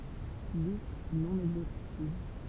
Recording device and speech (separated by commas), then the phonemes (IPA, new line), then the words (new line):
temple vibration pickup, read sentence
list nɔ̃ ɛɡzostiv
Listes non exhaustives.